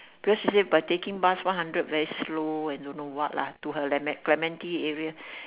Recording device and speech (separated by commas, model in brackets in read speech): telephone, conversation in separate rooms